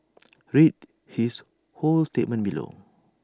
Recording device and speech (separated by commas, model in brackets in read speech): standing microphone (AKG C214), read sentence